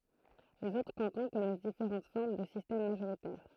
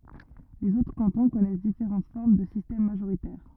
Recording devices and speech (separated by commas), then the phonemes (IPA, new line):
throat microphone, rigid in-ear microphone, read sentence
lez otʁ kɑ̃tɔ̃ kɔnɛs difeʁɑ̃t fɔʁm də sistɛm maʒoʁitɛʁ